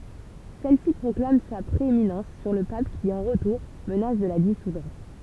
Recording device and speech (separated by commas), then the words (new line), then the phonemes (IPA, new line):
temple vibration pickup, read sentence
Celle-ci proclame sa prééminence sur le pape qui, en retour, menace de la dissoudre.
sɛlsi pʁɔklam sa pʁeeminɑ̃s syʁ lə pap ki ɑ̃ ʁətuʁ mənas də la disudʁ